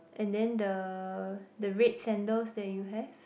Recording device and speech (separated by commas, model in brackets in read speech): boundary microphone, conversation in the same room